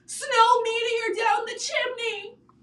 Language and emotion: English, fearful